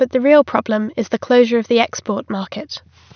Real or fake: real